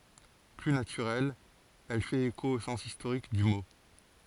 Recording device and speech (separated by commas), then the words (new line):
forehead accelerometer, read sentence
Plus naturelle, elle fait écho au sens historique du mot.